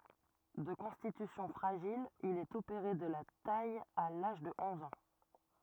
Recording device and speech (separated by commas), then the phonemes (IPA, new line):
rigid in-ear microphone, read sentence
də kɔ̃stitysjɔ̃ fʁaʒil il ɛt opeʁe də la taj a laʒ də ɔ̃z ɑ̃